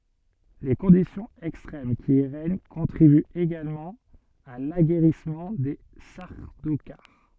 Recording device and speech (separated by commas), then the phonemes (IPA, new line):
soft in-ear microphone, read sentence
le kɔ̃disjɔ̃z ɛkstʁɛm ki i ʁɛɲ kɔ̃tʁibyt eɡalmɑ̃ a laɡɛʁismɑ̃ de saʁdokaʁ